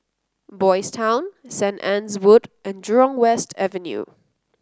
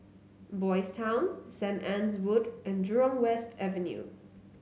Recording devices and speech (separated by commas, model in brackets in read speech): close-talking microphone (WH30), mobile phone (Samsung C9), read sentence